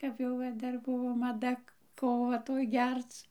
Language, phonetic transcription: Lithuanian, kap jau ˈva ˈdar ˈbuvo maˈda ˈkova ˈtoj ˈgerc

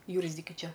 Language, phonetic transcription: Lithuanian, ˈjūrzdikiu ˈčia

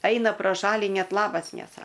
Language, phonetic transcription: Lithuanian, ˈaina pro ˈšalį ˈnet ˈlabas neˈsa

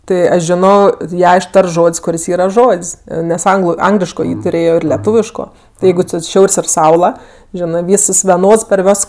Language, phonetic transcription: Lithuanian, ˈti ˈaš ˈžino ˈją išˈtarts ˈžod's' kuˈris ˈyra ˈžod's' nes ˈanglu ˈangliško ˈjį tuˈrėjo ˈir leˈtūviško ˈjeigu ci ˈšiaur's' ir ˈsaula ˈženɜ ˈvys ˈis veˈnods par ˈvios

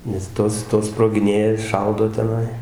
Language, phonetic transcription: Lithuanian, nes ˈtos ˈtos sprogiˈnėja ˈšaudo teˈnai

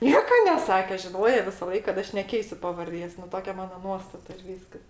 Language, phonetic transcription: Lithuanian, ˈnieka neˈsake žiˈnoja visaˈlaik kad ˈaš neˈkeisiu pavarˈdės nu ˈtokia ˈmano ˈnuostata ir ˈvyskas

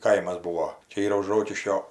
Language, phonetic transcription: Lithuanian, ˈkaimas ˈbūo ˈčia ˈyra už ˈrokiškio

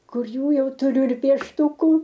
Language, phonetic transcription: Lithuanian, ˈkur ˈjų ˈjau tuˈriu ir piešˈtuku

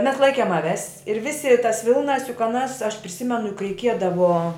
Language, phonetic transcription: Lithuanian, mes ˈlaikėm aˈves ir ˈvisi tas ˈvilnas juk aˈnas aš priˈsimenu juk reiˈkiedavo

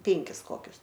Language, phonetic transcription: Lithuanian, ˈpinkis ˈkokius

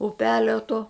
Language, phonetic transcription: Lithuanian, uˈpelio to

